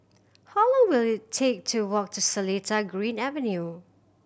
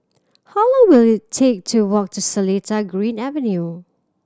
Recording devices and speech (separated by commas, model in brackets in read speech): boundary microphone (BM630), standing microphone (AKG C214), read sentence